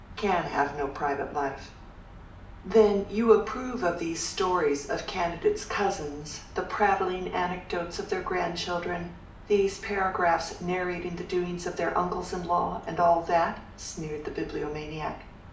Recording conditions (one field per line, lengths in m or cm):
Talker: one person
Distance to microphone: 2.0 m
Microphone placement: close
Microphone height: 99 cm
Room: medium-sized (5.7 m by 4.0 m)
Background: none